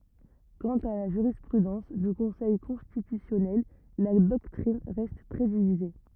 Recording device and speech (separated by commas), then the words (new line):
rigid in-ear microphone, read sentence
Quant à la jurisprudence du Conseil constitutionnel, la doctrine reste très divisée.